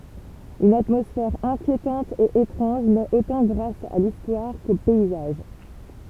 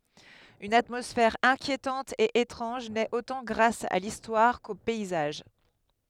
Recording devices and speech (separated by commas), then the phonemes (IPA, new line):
temple vibration pickup, headset microphone, read sentence
yn atmɔsfɛʁ ɛ̃kjetɑ̃t e etʁɑ̃ʒ nɛt otɑ̃ ɡʁas a listwaʁ ko pɛizaʒ